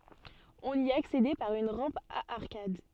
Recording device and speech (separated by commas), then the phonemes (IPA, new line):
soft in-ear microphone, read sentence
ɔ̃n i aksedɛ paʁ yn ʁɑ̃p a aʁkad